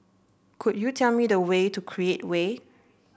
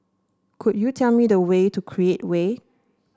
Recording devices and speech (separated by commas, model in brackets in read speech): boundary microphone (BM630), standing microphone (AKG C214), read sentence